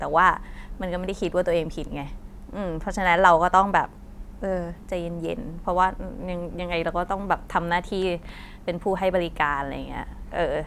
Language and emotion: Thai, frustrated